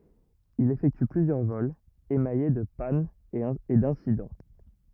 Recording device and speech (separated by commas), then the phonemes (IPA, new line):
rigid in-ear microphone, read sentence
il efɛkty plyzjœʁ vɔlz emaje də panz e dɛ̃sidɑ̃